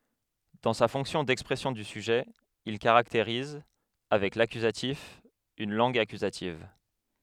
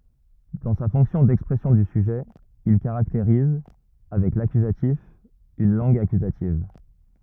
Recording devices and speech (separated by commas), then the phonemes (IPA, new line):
headset microphone, rigid in-ear microphone, read sentence
dɑ̃ sa fɔ̃ksjɔ̃ dɛkspʁɛsjɔ̃ dy syʒɛ il kaʁakteʁiz avɛk lakyzatif yn lɑ̃ɡ akyzativ